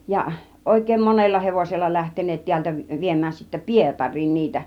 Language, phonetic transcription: Finnish, ja 'òik̀èim "monella "hevosella 'lähten̆neet 'tiältä vi- 'viem̆mään sittä "Pietaŕ̆riin niitä .
- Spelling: ja oikein monella hevosella lähteneet täältä - viemään sitten Pietariin niitä

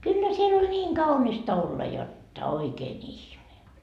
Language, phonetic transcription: Finnish, 'kyllä siel ‿oĺ 'ńiiŋ "kaunista olla 'jotta 'oikee'n ‿ihme .
- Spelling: kyllä siellä oli niin kaunista olla jotta oikein ihme

